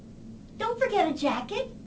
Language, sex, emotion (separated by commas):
English, female, neutral